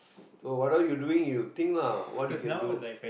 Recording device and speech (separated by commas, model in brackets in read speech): boundary microphone, conversation in the same room